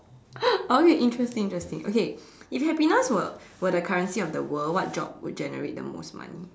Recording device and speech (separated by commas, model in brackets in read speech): standing microphone, conversation in separate rooms